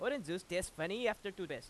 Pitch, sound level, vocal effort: 185 Hz, 94 dB SPL, loud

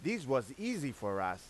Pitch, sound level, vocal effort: 130 Hz, 94 dB SPL, very loud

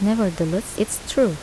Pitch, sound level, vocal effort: 205 Hz, 79 dB SPL, soft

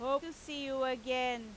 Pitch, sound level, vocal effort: 260 Hz, 95 dB SPL, very loud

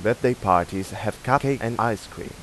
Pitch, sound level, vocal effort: 110 Hz, 89 dB SPL, normal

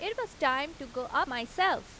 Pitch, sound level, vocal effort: 280 Hz, 90 dB SPL, loud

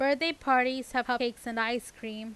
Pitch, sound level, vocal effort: 245 Hz, 91 dB SPL, loud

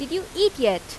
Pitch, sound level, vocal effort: 345 Hz, 89 dB SPL, loud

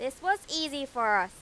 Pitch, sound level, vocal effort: 270 Hz, 97 dB SPL, very loud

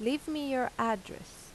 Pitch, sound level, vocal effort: 255 Hz, 85 dB SPL, normal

